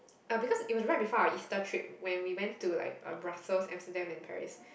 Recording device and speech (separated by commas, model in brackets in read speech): boundary microphone, conversation in the same room